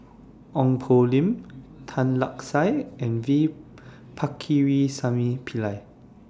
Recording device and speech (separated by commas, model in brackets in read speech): standing microphone (AKG C214), read sentence